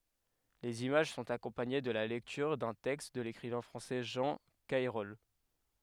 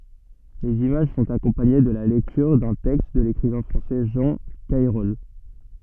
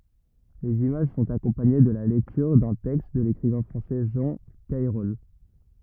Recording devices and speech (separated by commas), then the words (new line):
headset microphone, soft in-ear microphone, rigid in-ear microphone, read sentence
Les images sont accompagnées de la lecture d'un texte de l'écrivain français Jean Cayrol.